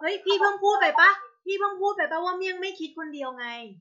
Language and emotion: Thai, angry